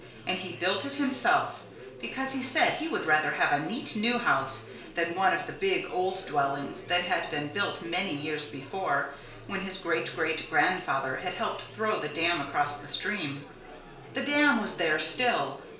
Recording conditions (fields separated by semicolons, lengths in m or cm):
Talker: one person; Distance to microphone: 1.0 m; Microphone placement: close; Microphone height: 1.1 m; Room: small (3.7 m by 2.7 m); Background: babble